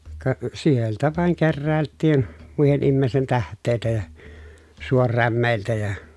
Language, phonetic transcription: Finnish, ka , sieltä vàeŋ kerrä̀elttiin , muihen immeesten täht̆tèi̮tä ja , suorrämmèiltä ja ,.
- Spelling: ka sieltä vain keräiltiin muiden ihmisten tähteitä ja suorämeiltä ja

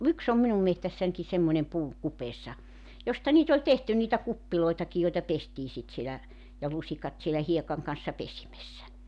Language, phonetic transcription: Finnish, 'yks ‿om 'minum mehtässänki 'semmońem 'puu , 'kupeessa , 'josta niit ‿oĺ 'tehty niitä 'kuppiloitaki joita 'pestii sit sielä , ja 'lusikat sielä 'hiekaŋ kan̬ssa 'pesimessä .
- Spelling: yksi on minun metsässänikin semmoinen puu kupeessa josta niitä oli tehty niitä kuppejakin joita pestiin sitten siellä ja lusikat siellä hiekan kanssa pesimessä

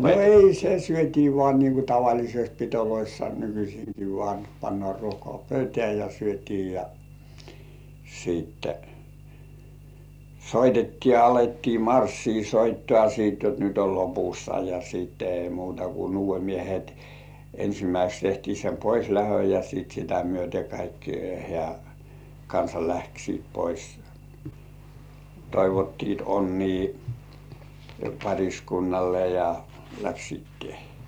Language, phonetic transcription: Finnish, 'no "ei 'se "syöt́ii 'vŏà nii ku 'tavaĺisest pitoloissa nykyśiiŋki vŏà , pannŏà 'ruokŏà "pöytĕä̀ ja 'syöt́ii ja , siitte , "soitettii ja 'alettii "marssii 'soittŏà siit jot 'nyt ‿ol 'lopussa ja sìtte ei muuta ku "nuuv̆vemiehet , 'ensimäiseks tehtii sem "poislähöj ja sìt sitä myöte kaikki hĕä̀- , '-kansa 'läksiit pois , 'toivottiit onnii "paŕiskunnalle ja , 'läksiit tɪᴇʜĭᴇ̀ .
- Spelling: no ei se syötiin vain niin kuin tavallisesti pidoissa nykyisinkin vain pannaan ruokaa pöytään ja syötiin ja sitten soitettiin ja alettiin marssia soittoa sitten jotta nyt on lopussa ja sitten ei muuta kuin nuodemiehet ensimmäiseksi tehtiin sen poislähdön ja sitten sitä myöten kaikki - hääkansa lähtivät pois toivottivat onnea pariskunnalle ja lähtivät töihin

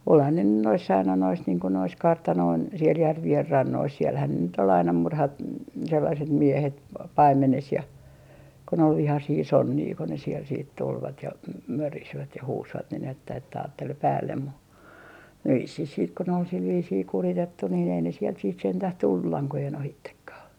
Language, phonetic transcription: Finnish, olhan ne nyn noiss ‿aina nois niiŋ ko nois "kartanoin , siel 'järvi₍en 'rannois sielhän ne nyt ‿ol aina 'murhat- , 'sellaset 'miehet , "paimmenes ja , kon ‿ol 'vihasii "sonnii ko ne siel siit 'tulvat ja , 'mörisvät ja 'huusvat nin ‿että että aattel 'päällem mu , 'vissih siit ko nᵉ ‿ol sil viisii 'kuritettu niin ‿ei ne sielt siit sentäh 'tullu "laŋkojen 'ohittekkaa .
- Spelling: olihan ne nyt noissa aina noissa niin kun noissa kartanoiden siellä järvien rannoissa siellähän ne nyt oli aina - sellaiset miehet paimenessa ja kun oli vihaisia sonneja kun ne sieltä sitten tulivat ja mörisivät ja huusivat niin että että ajatteli päälle mutta vissiin sitten kun ne oli sillä viisiin kuritettu niin ei ne sieltä sitten sentään tullut lankojen ohitsekaan

